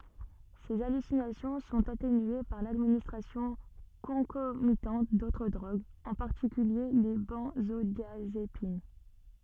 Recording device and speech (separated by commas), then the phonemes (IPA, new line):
soft in-ear microphone, read sentence
se alysinasjɔ̃ sɔ̃t atenye paʁ ladministʁasjɔ̃ kɔ̃komitɑ̃t dotʁ dʁoɡz ɑ̃ paʁtikylje le bɑ̃zodjazepin